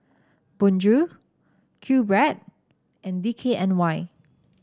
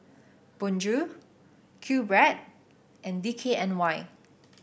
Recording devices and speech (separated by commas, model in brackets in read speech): standing microphone (AKG C214), boundary microphone (BM630), read sentence